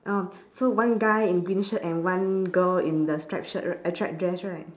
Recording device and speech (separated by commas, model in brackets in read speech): standing microphone, conversation in separate rooms